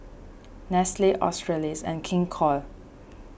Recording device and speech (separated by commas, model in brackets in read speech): boundary microphone (BM630), read sentence